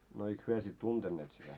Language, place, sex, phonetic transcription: Finnish, Moloskovitsa, male, no eik 'hyö sit "tuntenneet sitä ?
- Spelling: no eikä he sitten tunteneet sitä

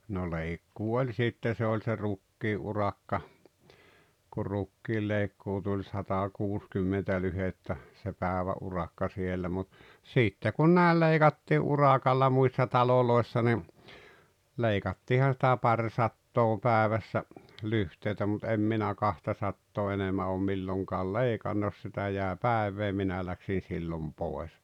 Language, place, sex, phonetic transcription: Finnish, Rautalampi, male, no 'leikkuu oĺ 'sitte se oĺ se "rukkii’ ’urakka , kur 'rukkiillèikkuu tuĺ "satakuuskymmentä 'lyhettä , se "pä̀evä’ ’urakka 'siellä mut , 'sìtte kun nä̀el 'leiGattii "uràkalla muissa 'talolòessa ni , 'leikattiihan sⁱtä "paŕsattoo 'pääᵉvässä , 'lyhtèitä mut 'em 'minä "kahtasattoo 'enemmä oom 'milloŋkaal "leikan 'jos sitä jä̀e "pä̀ev̀ee 'minä läksin̬ 'sillom 'pòes .
- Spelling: no leikkuu oli sitten se oli se rukiin urakka kun rukiinleikkuu tuli satakuusikymmentä lyhdettä se päivän urakka siellä mutta sitten kun näin leikattiin urakalla muissa taloissa niin leikattiinhan sitä parisataa päivässä lyhteitä mutta en minä kahtasataa enemmän ole milloinkaan leikannut jos sitä jäi päivää minä lähdin silloin pois

